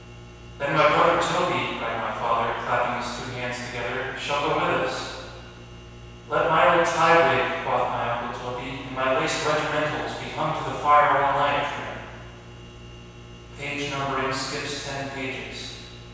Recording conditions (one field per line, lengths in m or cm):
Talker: one person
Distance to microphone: 7.1 m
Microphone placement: far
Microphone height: 1.7 m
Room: very reverberant, large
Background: none